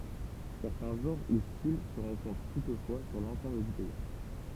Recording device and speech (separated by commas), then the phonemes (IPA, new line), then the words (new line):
temple vibration pickup, read sentence
sɛʁtɛ̃ ʒɑ̃ʁ u stil sə ʁɑ̃kɔ̃tʁ tutfwa syʁ lɑ̃sɑ̃bl dy pɛi
Certains genres ou styles se rencontrent toutefois sur l'ensemble du pays.